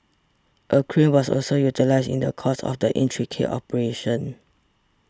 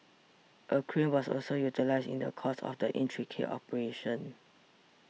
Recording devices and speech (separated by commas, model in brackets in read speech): standing microphone (AKG C214), mobile phone (iPhone 6), read sentence